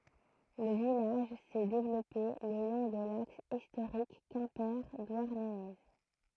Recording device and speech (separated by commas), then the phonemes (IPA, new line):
throat microphone, read sentence
lə vilaʒ sɛ devlɔpe lə lɔ̃ də laks istoʁik kɛ̃pe dwaʁnəne